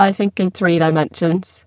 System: VC, spectral filtering